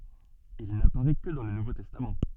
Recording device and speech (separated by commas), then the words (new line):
soft in-ear microphone, read sentence
Il n'apparaît que dans le Nouveau Testament.